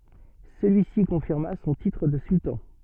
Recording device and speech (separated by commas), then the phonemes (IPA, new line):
soft in-ear microphone, read sentence
səlyisi kɔ̃fiʁma sɔ̃ titʁ də syltɑ̃